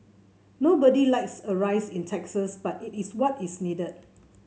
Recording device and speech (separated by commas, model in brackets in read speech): mobile phone (Samsung C7), read sentence